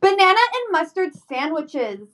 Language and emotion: English, angry